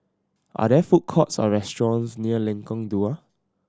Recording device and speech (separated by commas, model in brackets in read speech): standing microphone (AKG C214), read sentence